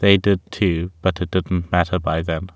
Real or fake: real